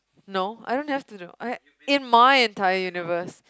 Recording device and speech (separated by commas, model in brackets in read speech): close-talking microphone, conversation in the same room